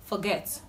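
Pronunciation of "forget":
'Forget' is pronounced correctly here.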